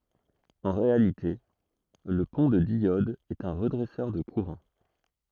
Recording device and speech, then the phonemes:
throat microphone, read sentence
ɑ̃ ʁealite lə pɔ̃ də djɔd ɛt œ̃ ʁədʁɛsœʁ də kuʁɑ̃

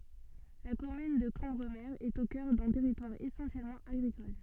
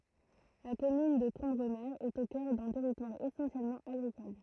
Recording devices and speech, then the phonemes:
soft in-ear microphone, throat microphone, read sentence
la kɔmyn də kɑ̃bʁəme ɛt o kœʁ dœ̃ tɛʁitwaʁ esɑ̃sjɛlmɑ̃ aɡʁikɔl

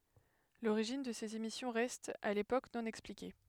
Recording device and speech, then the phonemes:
headset microphone, read sentence
loʁiʒin də sez emisjɔ̃ ʁɛst a lepok nɔ̃ ɛksplike

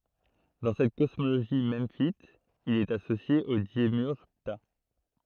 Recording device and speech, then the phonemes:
throat microphone, read sentence
dɑ̃ sɛt kɔsmoɡoni mɑ̃fit il ɛt asosje o demjyʁʒ pta

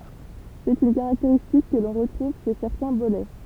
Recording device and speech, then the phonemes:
temple vibration pickup, read sentence
sɛt yn kaʁakteʁistik kə lɔ̃ ʁətʁuv ʃe sɛʁtɛ̃ bolɛ

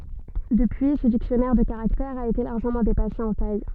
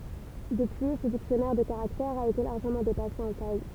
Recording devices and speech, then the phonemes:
soft in-ear microphone, temple vibration pickup, read sentence
dəpyi sə diksjɔnɛʁ də kaʁaktɛʁz a ete laʁʒəmɑ̃ depase ɑ̃ taj

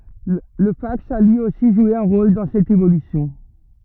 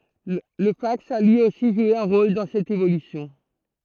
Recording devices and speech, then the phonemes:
rigid in-ear microphone, throat microphone, read sentence
lə faks a lyi osi ʒwe œ̃ ʁol dɑ̃ sɛt evolysjɔ̃

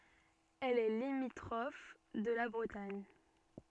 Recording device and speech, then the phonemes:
soft in-ear microphone, read sentence
ɛl ɛ limitʁɔf də la bʁətaɲ

